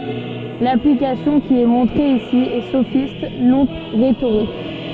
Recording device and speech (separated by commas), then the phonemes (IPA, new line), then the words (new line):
soft in-ear microphone, read sentence
laplikasjɔ̃ ki ɛ mɔ̃tʁe isi ɛ sofist nɔ̃ ʁetoʁik
L'application qui est montrée ici est sophiste non rhétorique.